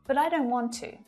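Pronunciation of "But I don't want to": In 'But I don't want to', the word 'but' is unstressed.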